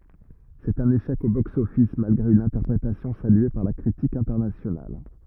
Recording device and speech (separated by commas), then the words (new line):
rigid in-ear microphone, read sentence
C'est un échec au box-office malgré une interprétation saluée par la critique internationale.